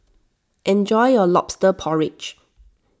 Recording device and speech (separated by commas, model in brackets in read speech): standing microphone (AKG C214), read sentence